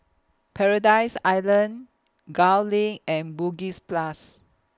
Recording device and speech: close-talking microphone (WH20), read sentence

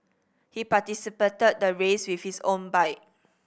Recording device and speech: boundary microphone (BM630), read sentence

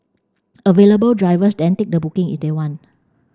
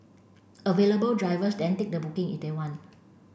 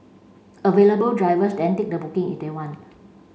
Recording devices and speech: standing microphone (AKG C214), boundary microphone (BM630), mobile phone (Samsung C5), read sentence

